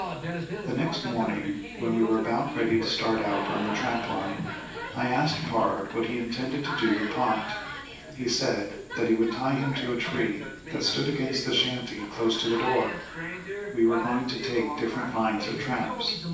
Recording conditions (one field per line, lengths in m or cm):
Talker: one person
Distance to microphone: 9.8 m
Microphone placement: far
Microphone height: 1.8 m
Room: large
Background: television